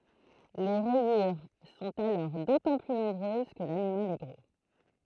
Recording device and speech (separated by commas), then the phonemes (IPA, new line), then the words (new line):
throat microphone, read sentence
le ʁɛjyʁ sɔ̃t alɔʁ dotɑ̃ ply nɔ̃bʁøz kə lanimal ɛ ɡʁo
Les rayures sont alors d'autant plus nombreuses que l'animal est gros.